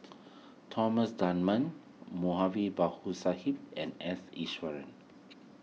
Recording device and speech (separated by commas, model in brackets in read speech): mobile phone (iPhone 6), read sentence